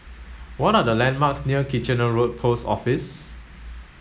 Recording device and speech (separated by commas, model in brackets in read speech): mobile phone (Samsung S8), read sentence